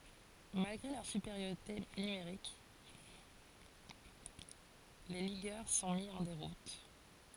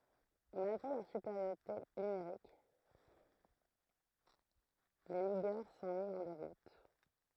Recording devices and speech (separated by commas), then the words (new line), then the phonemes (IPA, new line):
forehead accelerometer, throat microphone, read sentence
Malgré leur supériorité numérique, les ligueurs sont mis en déroute.
malɡʁe lœʁ sypeʁjoʁite nymeʁik le liɡœʁ sɔ̃ mi ɑ̃ deʁut